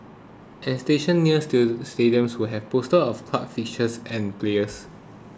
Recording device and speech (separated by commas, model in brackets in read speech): close-talking microphone (WH20), read sentence